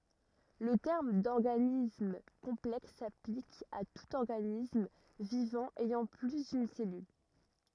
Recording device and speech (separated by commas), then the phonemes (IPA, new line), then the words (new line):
rigid in-ear microphone, read sentence
lə tɛʁm dɔʁɡanism kɔ̃plɛks saplik a tut ɔʁɡanism vivɑ̃ ɛjɑ̃ ply dyn sɛlyl
Le terme d'organisme complexe s'applique à tout organisme vivant ayant plus d'une cellule.